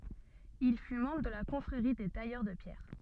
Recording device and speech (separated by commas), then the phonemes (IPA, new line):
soft in-ear microphone, read sentence
il fy mɑ̃bʁ də la kɔ̃fʁeʁi de tajœʁ də pjɛʁ